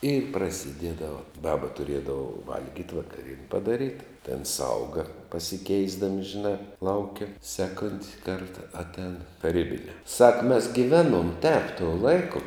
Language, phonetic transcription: Lithuanian, i prasiˈdiedava ˈbaba tuˈriedava ˈvalgyt' vakaˈrien' padaˈryt ten ˈsauga pasiˈkeisdami žiˈnā ˈlauke ˈseˌkont' ˈkarta atˈēn taˈrybinē sak mes giˈveˌnuom tēp tuo ˈlaiku

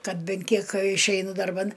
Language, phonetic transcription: Lithuanian, ˈkad ˈben ˈkiek išˈeinu darˈban

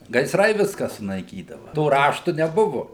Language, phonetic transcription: Lithuanian, gaiˈsrai ˈviska sunaiˈkydava to ˈraštu neˈbuvu

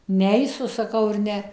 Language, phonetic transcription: Lithuanian, ˈneisu saˈkau ir ˈne

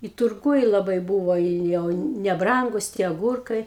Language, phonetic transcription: Lithuanian, i turˈguj laˈbai ˈbūvo i ˈjau neˈbrangus tie aˈgūrkai

